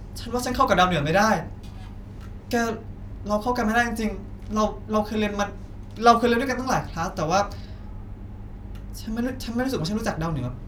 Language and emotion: Thai, frustrated